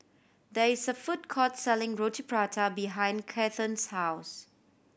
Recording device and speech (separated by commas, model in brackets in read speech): boundary microphone (BM630), read sentence